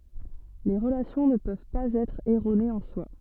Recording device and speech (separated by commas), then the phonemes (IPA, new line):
soft in-ear microphone, read sentence
le ʁəlasjɔ̃ nə pøv paz ɛtʁ ɛʁonez ɑ̃ swa